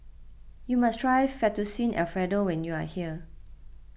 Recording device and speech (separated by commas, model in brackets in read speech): boundary microphone (BM630), read sentence